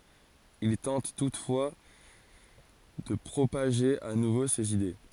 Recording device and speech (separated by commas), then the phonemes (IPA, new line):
forehead accelerometer, read sentence
il tɑ̃t tutfwa də pʁopaʒe a nuvo sez ide